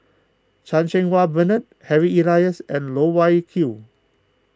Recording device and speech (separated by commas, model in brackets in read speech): close-talking microphone (WH20), read sentence